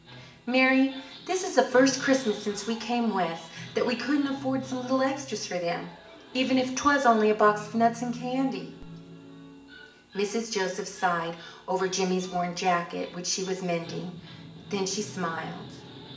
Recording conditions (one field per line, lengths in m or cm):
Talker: one person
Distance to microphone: 1.8 m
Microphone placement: close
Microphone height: 1.0 m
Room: large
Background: television